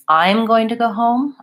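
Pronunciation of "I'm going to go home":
In "I'm going to go home", the stress is on "I'm" and not on "home".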